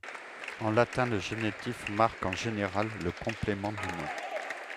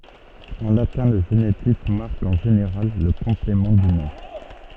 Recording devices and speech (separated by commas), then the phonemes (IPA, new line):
headset microphone, soft in-ear microphone, read sentence
ɑ̃ latɛ̃ lə ʒenitif maʁk ɑ̃ ʒeneʁal lə kɔ̃plemɑ̃ dy nɔ̃